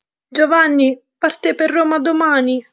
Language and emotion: Italian, sad